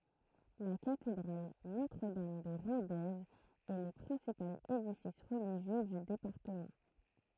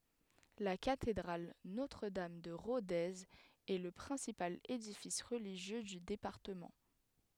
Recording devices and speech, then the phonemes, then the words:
throat microphone, headset microphone, read sentence
la katedʁal notʁədam də ʁodez ɛ lə pʁɛ̃sipal edifis ʁəliʒjø dy depaʁtəmɑ̃
La cathédrale Notre-Dame de Rodez est le principal édifice religieux du département.

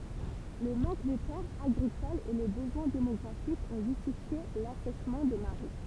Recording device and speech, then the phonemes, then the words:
temple vibration pickup, read sentence
lə mɑ̃k də tɛʁz aɡʁikolz e lə bəzwɛ̃ demɔɡʁafik ɔ̃ ʒystifje lasɛʃmɑ̃ də maʁɛ
Le manque de terres agricoles et le besoin démographique ont justifié l'assèchement de marais.

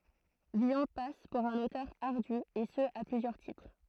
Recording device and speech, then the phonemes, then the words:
throat microphone, read sentence
vilɔ̃ pas puʁ œ̃n otœʁ aʁdy e sə a plyzjœʁ titʁ
Villon passe pour un auteur ardu, et ce à plusieurs titres.

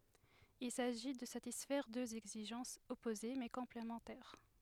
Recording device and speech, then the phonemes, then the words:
headset microphone, read sentence
il saʒi də satisfɛʁ døz ɛɡziʒɑ̃sz ɔpoze mɛ kɔ̃plemɑ̃tɛʁ
Il s'agit de satisfaire deux exigences opposées mais complémentaires.

